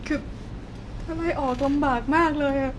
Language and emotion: Thai, sad